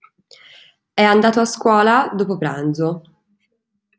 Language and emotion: Italian, neutral